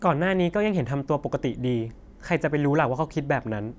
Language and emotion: Thai, frustrated